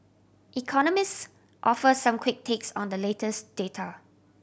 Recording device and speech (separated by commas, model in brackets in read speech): boundary microphone (BM630), read sentence